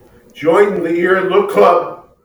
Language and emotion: English, sad